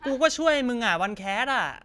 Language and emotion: Thai, frustrated